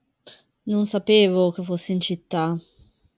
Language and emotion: Italian, sad